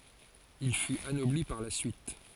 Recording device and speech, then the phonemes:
forehead accelerometer, read sentence
il fyt anɔbli paʁ la syit

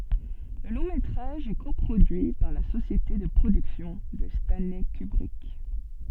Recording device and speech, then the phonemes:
soft in-ear microphone, read sentence
lə lɔ̃ metʁaʒ ɛ ko pʁodyi paʁ la sosjete də pʁodyksjɔ̃ də stɑ̃lɛ kybʁik

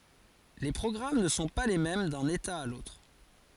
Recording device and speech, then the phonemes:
forehead accelerometer, read sentence
le pʁɔɡʁam nə sɔ̃ pa le mɛm dœ̃n eta a lotʁ

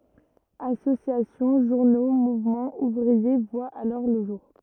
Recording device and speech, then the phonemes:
rigid in-ear microphone, read sentence
asosjasjɔ̃ ʒuʁno muvmɑ̃z uvʁie vwat alɔʁ lə ʒuʁ

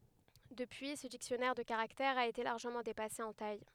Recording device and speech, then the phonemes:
headset microphone, read sentence
dəpyi sə diksjɔnɛʁ də kaʁaktɛʁz a ete laʁʒəmɑ̃ depase ɑ̃ taj

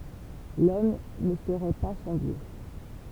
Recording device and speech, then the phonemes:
temple vibration pickup, read sentence
lɔm nə səʁɛ pa sɑ̃ djø

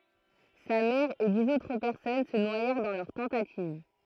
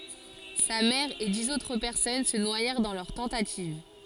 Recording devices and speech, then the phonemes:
throat microphone, forehead accelerometer, read sentence
sa mɛʁ e diz otʁ pɛʁsɔn sə nwajɛʁ dɑ̃ lœʁ tɑ̃tativ

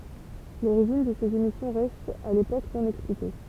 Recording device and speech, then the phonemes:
temple vibration pickup, read sentence
loʁiʒin də sez emisjɔ̃ ʁɛst a lepok nɔ̃ ɛksplike

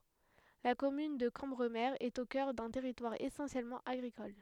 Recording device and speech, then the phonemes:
headset microphone, read sentence
la kɔmyn də kɑ̃bʁəme ɛt o kœʁ dœ̃ tɛʁitwaʁ esɑ̃sjɛlmɑ̃ aɡʁikɔl

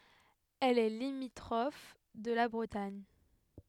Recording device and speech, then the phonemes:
headset microphone, read sentence
ɛl ɛ limitʁɔf də la bʁətaɲ

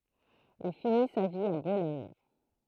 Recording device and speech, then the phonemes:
throat microphone, read sentence
il fini sa vi a bolɔɲ

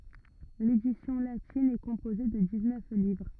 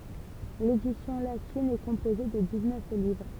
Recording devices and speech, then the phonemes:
rigid in-ear microphone, temple vibration pickup, read sentence
ledisjɔ̃ latin ɛ kɔ̃poze də diksnœf livʁ

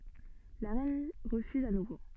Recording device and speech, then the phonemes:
soft in-ear microphone, read sentence
la ʁɛn ʁəfyz a nuvo

